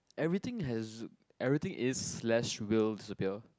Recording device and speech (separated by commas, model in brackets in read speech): close-talking microphone, conversation in the same room